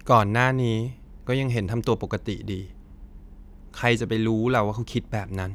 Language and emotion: Thai, sad